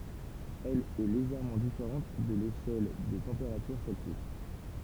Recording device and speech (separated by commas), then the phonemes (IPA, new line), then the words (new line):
temple vibration pickup, read sentence
ɛl ɛ leʒɛʁmɑ̃ difeʁɑ̃t də leʃɛl də tɑ̃peʁatyʁ sɛlsjys
Elle est légèrement différente de l'échelle de température Celsius.